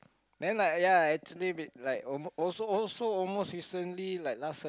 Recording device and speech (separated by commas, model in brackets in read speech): close-talking microphone, conversation in the same room